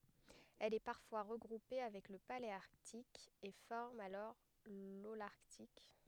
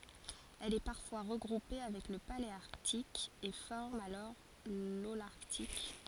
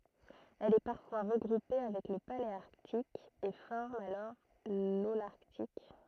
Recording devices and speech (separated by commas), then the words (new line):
headset microphone, forehead accelerometer, throat microphone, read sentence
Elle est parfois regroupée avec le paléarctique et forme alors l'holarctique.